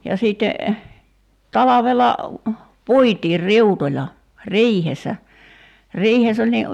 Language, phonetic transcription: Finnish, ja 'sìtte , "talavela , "puitiir "riutoĺa , "riihes̆sä , 'riihes ‿oĺ ni ,.
- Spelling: ja sitten talvella puitiin riutoilla riihessä riihessä oli niin

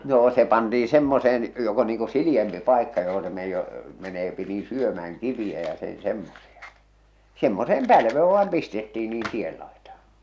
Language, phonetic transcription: Finnish, noo se pantii 'semmoseen , jok ‿o niiŋ ku "sili₍empi "pàekka joho se me- , meneepi nii 'syömä₍äŋ 'kiviʲä ja sen̬ 'semmosia , semmoseem "pälvee vaam "pistettii niin 'tiel laitàhᴀ .
- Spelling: noo se pantiin semmoiseen joka on niin kuin sileämpi paikka johon se - menee niin syömään kiviä ja sen semmoisia semmoiseen pälveen vain pistettiin niin tien laitaan

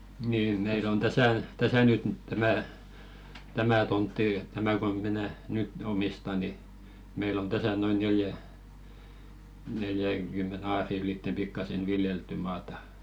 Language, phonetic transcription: Finnish, nii 'meil ‿on "täsä̀ , 'täsä nyt tämä̀ , 'tämä̀ tontti , 'tämä ko minä "nyt 'omista ni , 'meil ‿on "täsä noin 'neljä- neljäŋkymme'n ‿aarì ylìtte pikkasen "viljeltty maatᴀ .
- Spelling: niin meillä on tässä tässä nyt tämä tämä tontti tämä kun minä nyt omistan niin meillä on tässä noin - neljänkymmenen aarin ylitse pikkuisen viljeltyä maata

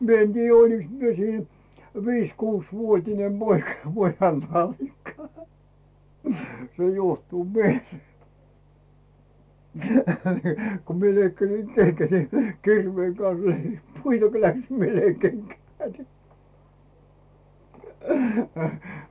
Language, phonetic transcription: Finnish, 'mi ‿en tiijjä 'oliks 'mie siin , "viiś "kuuś'vuot́ine poikᴀ 'pojan nallikka , 'se 'juohtuu "mielee , ku 'mie leikkasi keŋGät ni , 'kirveeŋ kan̬s lei- "puita ko 'läksim mie löi keŋkä ni .
- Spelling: minä en tiedä olinkos minä siinä viisi kuusivuotinen poika pojan nallikka se juohtuu mieleen kun minä leikkasin kengät niin kirveen kanssa - puita kun lähdin minä löin kenkään niin

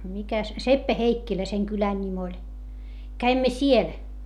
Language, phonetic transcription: Finnish, mikä , Seppä-Heikkilä seŋ kylän ńim ‿oĺ , käimmä siel .
- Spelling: mikä Seppä-Heikkilä sen kylän nimi oli kävimme siellä

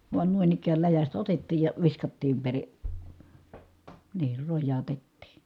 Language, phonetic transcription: Finnish, vuan nuin ‿ikääl läjästä otettiij ja viskattiim peri- , niir rojjaatettii .
- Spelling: vain noin ikään läjästä otettiin ja viskattiin - niin rojautettiin

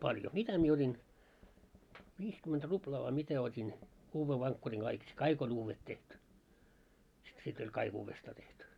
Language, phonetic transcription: Finnish, 'mitä mie ot́in , 'viiskymment 'ruplaa vai "mitä ot́in , 'uuvve vaŋkkuriŋ ɢaik si- , "kaik ‿o'n ‿uuvvet tehty , si- sit oĺ "kaik 'uuvvestaa tehty .
- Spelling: mitä minä otin viisikymmentä ruplaa vai mitä otin uuden vankkurin kaikki - kaikki on uudet tehty - sitten oli kaikki uudestaan tehty

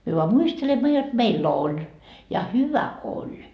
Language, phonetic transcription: Finnish, myö voa 'muistelemma jot meil'l ‿oĺ , ja "hyvä "oĺ .
- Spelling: me vain muistelemme jotta meillä oli ja hyvä oli

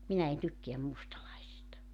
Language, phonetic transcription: Finnish, 'minä en 'tykkeäm 'mustalaisista .
- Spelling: minä en tykkää mustalaisista

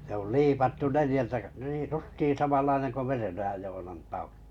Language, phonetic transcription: Finnish, se oli liipattu 'nelⁱjältä k- niij "justii samallaineŋ ko 'Merenojaj 'Joonan 'tauʟᴜ .
- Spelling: se oli liipattu neljältä - niin justiin samanlainen kuin Merenojan Joonan taulu

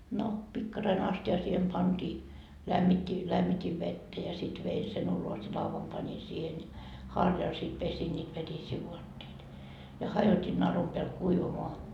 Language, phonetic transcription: Finnish, no , 'pikkaraine 'asti₍a siihem 'pantii , lämmit́t́i , 'lämmit́iv 'vettä ja sit vei sen ulos ja 'lauvam pańi siihen ja , 'harjal sit pesin ńiit 'vetisii 'vuatteita , ja "hajoti 'narum peäl 'kuivamoa .
- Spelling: no pikkarainen astia siihen pantiin lämmitti lämmitin vettä ja sitten vein sen ulos ja laudan panin siihen ja harjalla sitten pesin niitä vetisiä vaatteita ja hajotin narun päälle kuivamaan

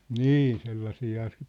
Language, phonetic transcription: Finnish, nii 'sellasiiha se ,.
- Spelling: niin sellaisiahan se

